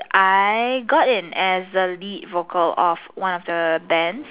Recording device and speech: telephone, conversation in separate rooms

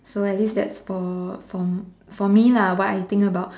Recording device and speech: standing microphone, conversation in separate rooms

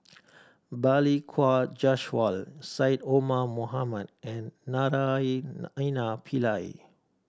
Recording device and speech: standing microphone (AKG C214), read sentence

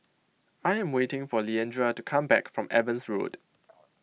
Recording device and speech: mobile phone (iPhone 6), read sentence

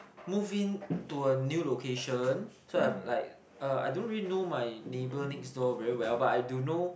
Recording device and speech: boundary microphone, conversation in the same room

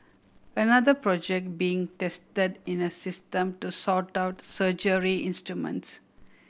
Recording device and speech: boundary microphone (BM630), read sentence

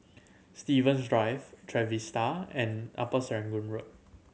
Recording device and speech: mobile phone (Samsung C7100), read sentence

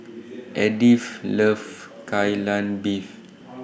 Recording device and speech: boundary microphone (BM630), read sentence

